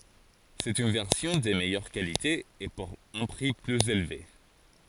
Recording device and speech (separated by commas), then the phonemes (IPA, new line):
forehead accelerometer, read sentence
sɛt yn vɛʁsjɔ̃ də mɛjœʁ kalite e puʁ œ̃ pʁi plyz elve